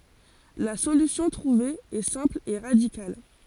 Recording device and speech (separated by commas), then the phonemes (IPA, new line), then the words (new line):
forehead accelerometer, read sentence
la solysjɔ̃ tʁuve ɛ sɛ̃pl e ʁadikal
La solution trouvée est simple et radicale.